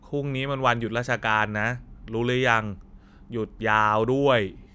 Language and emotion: Thai, frustrated